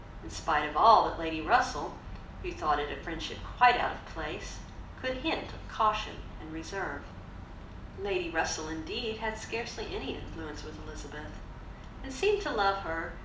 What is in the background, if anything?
Nothing.